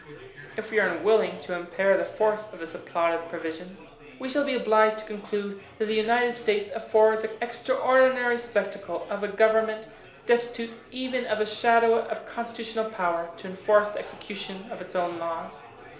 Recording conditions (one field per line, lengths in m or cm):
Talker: one person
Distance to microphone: 1.0 m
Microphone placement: close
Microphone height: 1.1 m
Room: small (3.7 m by 2.7 m)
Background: babble